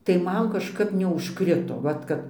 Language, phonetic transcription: Lithuanian, tai ˈman kažˈkap neužˈkrito ˈvat kad

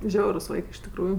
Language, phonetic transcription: Lithuanian, ˈžiaurus ˈvaikɜ iš tikˈrųju

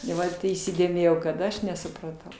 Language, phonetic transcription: Lithuanian, i ˈvat įsidėˈmėjau kad ˈaš nesupraˈtau

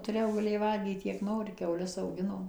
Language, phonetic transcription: Lithuanian, tuˈrėjau gaˈlėjai ˈvalgyt kiek ˈnori kiauˈles auˈginom

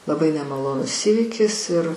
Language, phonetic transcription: Lithuanian, laˈbai nemaˈlonus ˈįvykis ir

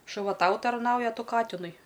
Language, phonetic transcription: Lithuanian, šuˈva ˈtau tarˈnauja a ˈtu ˈkatinui

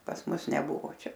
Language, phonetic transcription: Lithuanian, pas ˈmus neˈbuvo ˈčia

